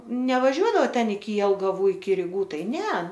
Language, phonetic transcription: Lithuanian, nevaˈžiuoˈdava ˈten iki jelgaˈvų iki riˈgų ˈtai ˈne

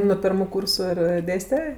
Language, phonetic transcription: Lithuanian, no ˈpirmu ˈkūrsu ir ˈdėste

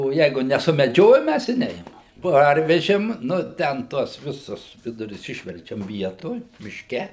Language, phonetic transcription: Lithuanian, o ˈjeigu nesumeˈdžiojom ˈmæs i ˈneimam ˈparvežėm ˈnu ˈten ˈtuos ˈvisus ˈvidurius ˈišverčiam ˈvietoj mišˈke

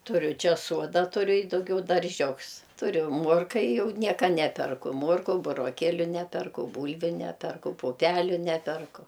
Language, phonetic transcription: Lithuanian, tuˈriu ˈčia ˈsuoda tuˈriu i dauˈgiau darˈžiuks tuˈriu ˈmuorka i ˈjau ˈnieka ˈneperku ˈmorku buroˈkėliu ˈneperku ˈbūlviu ˈneperku puˈpeliu ˈneperku

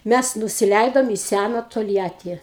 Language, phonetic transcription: Lithuanian, ˈmæs nusiˈleidom į ˈsæna tolˈjatį

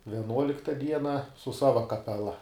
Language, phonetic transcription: Lithuanian, vieˈnuolikta ˈdiena su ˈsava kapeˈla

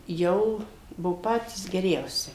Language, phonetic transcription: Lithuanian, ˈjau ˈbuvo ˈpatys geˈriausi

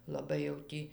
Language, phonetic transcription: Lithuanian, laˈbai jau ˈtį

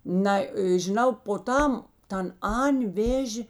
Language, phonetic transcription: Lithuanian, ˈnai žiˈnau po ˈtam ˈtan ˈan' ˈvėžė

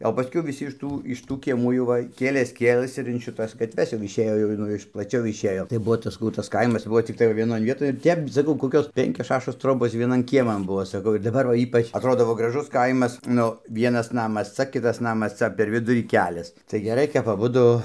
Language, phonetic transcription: Lithuanian, o paˈskiau viˈsi iš ˈtų iš ˈtų kieˈmų jau ˈva ˈkėlės ˈkėlɘs ir in šiˈtas gatˈves jau išˈėjo jau ˈnu iš plaˈčiau išˈėjo tai ˈbuo saˈkau ˈtas ˈkaimas ˈbuo cikˈtai va vieˈnon vieˈtoj ˈtep saˈkau koˈkios ˈpenkios ˈšašos ˈtrobos vieˈnan ˈkieman ˈbuo saˈkau ir daˈbar va ˈypač atˈrodo va graˈžus ˈkaimas ˈnu ˈvienas ˈnamas ˈca ˈkitas ˈnamas ˈca per ˈvidurį ˈkelias tai geˈrai kap aˈbudu

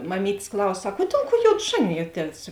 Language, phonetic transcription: Lithuanian, maˈmyt's' ˈklaus ˈsak o ˈdėl ˌkuo ˈjod ˈžanijuoˌties

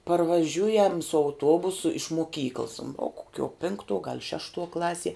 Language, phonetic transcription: Lithuanian, parvaˈžiujam su auˈtuobusu iš moˈkykls o koˈkiuo ˈpinktuo gal ˈšeštuo ˈklasie

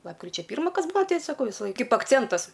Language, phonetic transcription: Lithuanian, ˈlapkričia ˈpyrma ˈkas ˈbua ˈtei saˈkau ˈvisa ˈlai ˈkaip akˈcentas

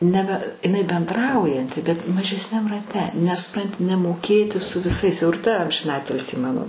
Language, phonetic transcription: Lithuanian, ˈnebe iˈnai benˈdraujanti bet mažesˈniam raˈte nes suˈpranti nemoˈkėti su viˈsais jau ir ta amžinˈatilsį ˈmano

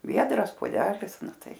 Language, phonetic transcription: Lithuanian, ˈviedras poˈdelis ˈnu ˈtai

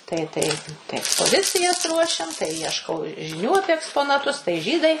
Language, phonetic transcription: Lithuanian, tai ˈtai tai ekspoˈzicijas ˈruošiam tai ˈjieškau žiˈnių ˈapie eksponaˈtus tai ˈžydai

